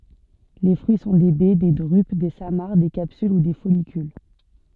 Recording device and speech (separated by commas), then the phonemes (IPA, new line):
soft in-ear microphone, read sentence
le fʁyi sɔ̃ de bɛ de dʁyp de samaʁ de kapsyl u de fɔlikyl